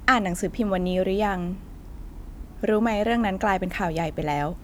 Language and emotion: Thai, neutral